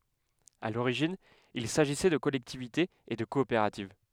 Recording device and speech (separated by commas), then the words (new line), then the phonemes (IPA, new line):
headset microphone, read sentence
À l'origine il s'agissait de collectivités et de coopératives.
a loʁiʒin il saʒisɛ də kɔlɛktivitez e də kɔopeʁativ